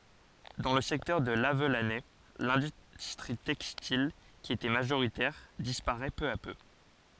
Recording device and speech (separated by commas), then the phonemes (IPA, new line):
forehead accelerometer, read sentence
dɑ̃ lə sɛktœʁ də lavlanɛ lɛ̃dystʁi tɛkstil ki etɛ maʒoʁitɛʁ dispaʁɛ pø a pø